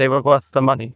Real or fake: fake